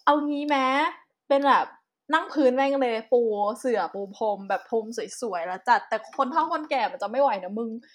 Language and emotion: Thai, happy